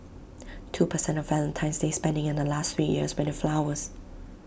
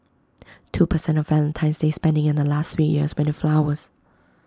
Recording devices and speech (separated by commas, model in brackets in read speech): boundary microphone (BM630), close-talking microphone (WH20), read sentence